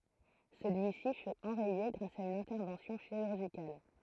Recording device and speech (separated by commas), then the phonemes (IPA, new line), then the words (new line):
throat microphone, read sentence
səlyisi fy ɑ̃ʁɛje ɡʁas a yn ɛ̃tɛʁvɑ̃sjɔ̃ ʃiʁyʁʒikal
Celui-ci fut enrayé grâce à une intervention chirurgicale.